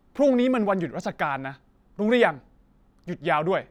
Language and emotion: Thai, angry